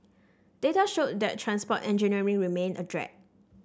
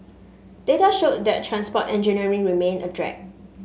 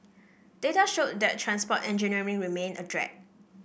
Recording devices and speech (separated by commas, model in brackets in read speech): standing microphone (AKG C214), mobile phone (Samsung S8), boundary microphone (BM630), read sentence